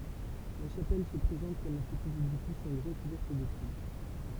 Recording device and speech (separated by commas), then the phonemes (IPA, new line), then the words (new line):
temple vibration pickup, read sentence
la ʃapɛl sə pʁezɑ̃t kɔm œ̃ pətit edifis ɑ̃ ɡʁɛ kuvɛʁt də tyil
La chapelle se présente comme un petit édifice en grès couverte de tuiles.